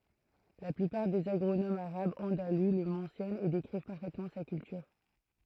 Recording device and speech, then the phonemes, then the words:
throat microphone, read sentence
la plypaʁ dez aɡʁonomz aʁabz ɑ̃dalu lə mɑ̃sjɔnt e dekʁiv paʁfɛtmɑ̃ sa kyltyʁ
La plupart des agronomes arabes andalous le mentionnent et décrivent parfaitement sa culture.

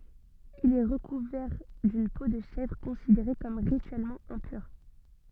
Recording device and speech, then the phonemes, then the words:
soft in-ear microphone, read sentence
il ɛ ʁəkuvɛʁ dyn po də ʃɛvʁ kɔ̃sideʁe kɔm ʁityɛlmɑ̃ ɛ̃pyʁ
Il est recouvert d'une peau de chèvre, considérée comme rituellement impure.

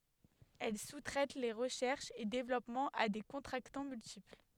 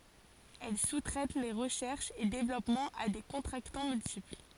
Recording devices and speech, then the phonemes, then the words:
headset microphone, forehead accelerometer, read sentence
ɛl su tʁɛt le ʁəʃɛʁʃz e devlɔpmɑ̃z a de kɔ̃tʁaktɑ̃ myltipl
Elle sous-traite les recherches et développements à des contractants multiples.

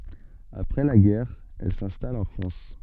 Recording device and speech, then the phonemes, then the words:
soft in-ear microphone, read sentence
apʁɛ la ɡɛʁ ɛl sɛ̃stal ɑ̃ fʁɑ̃s
Après la guerre, elle s'installe en France.

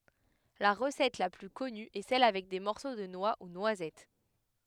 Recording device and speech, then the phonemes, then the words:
headset microphone, read sentence
la ʁəsɛt la ply kɔny ɛ sɛl avɛk de mɔʁso də nwa u nwazɛt
La recette la plus connue est celle avec des morceaux de noix ou noisettes.

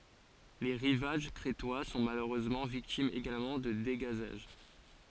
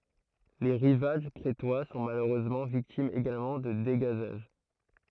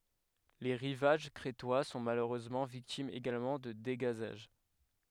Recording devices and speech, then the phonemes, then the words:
forehead accelerometer, throat microphone, headset microphone, read sentence
le ʁivaʒ kʁetwa sɔ̃ maløʁøzmɑ̃ viktimz eɡalmɑ̃ də deɡazaʒ
Les rivages crétois sont malheureusement victimes également de dégazages.

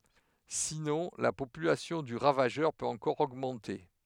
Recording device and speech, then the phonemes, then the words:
headset microphone, read sentence
sinɔ̃ la popylasjɔ̃ dy ʁavaʒœʁ pøt ɑ̃kɔʁ oɡmɑ̃te
Sinon, la population du ravageur peut encore augmenter.

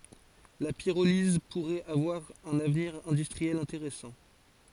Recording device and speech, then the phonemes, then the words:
forehead accelerometer, read sentence
la piʁoliz puʁɛt avwaʁ œ̃n avniʁ ɛ̃dystʁiɛl ɛ̃teʁɛsɑ̃
La pyrolyse pourrait avoir un avenir industriel intéressant.

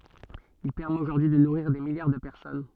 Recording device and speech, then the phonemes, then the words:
soft in-ear microphone, read sentence
il pɛʁmɛt oʒuʁdyi də nuʁiʁ de miljaʁ də pɛʁsɔn
Il permet aujourd'hui de nourrir des milliards de personnes.

